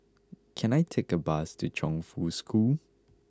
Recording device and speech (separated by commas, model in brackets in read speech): close-talking microphone (WH20), read sentence